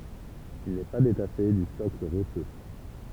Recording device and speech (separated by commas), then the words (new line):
temple vibration pickup, read sentence
Il n’est pas détaché du socle rocheux.